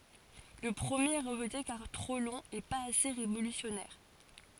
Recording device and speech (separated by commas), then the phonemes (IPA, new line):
forehead accelerometer, read sentence
lə pʁəmjeʁ ɛ ʁəʒte kaʁ tʁo lɔ̃ e paz ase ʁevolysjɔnɛʁ